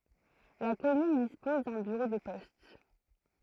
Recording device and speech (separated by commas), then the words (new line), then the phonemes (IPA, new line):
throat microphone, read sentence
La commune dispose d’un bureau de poste.
la kɔmyn dispɔz dœ̃ byʁo də pɔst